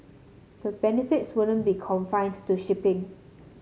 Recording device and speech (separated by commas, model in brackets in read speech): mobile phone (Samsung C7), read sentence